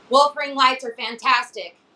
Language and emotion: English, neutral